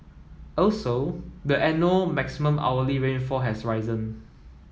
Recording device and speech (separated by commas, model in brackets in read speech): mobile phone (iPhone 7), read sentence